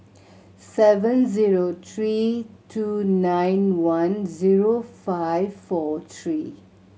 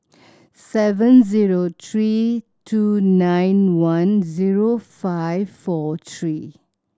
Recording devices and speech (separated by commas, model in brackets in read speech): mobile phone (Samsung C7100), standing microphone (AKG C214), read sentence